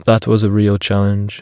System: none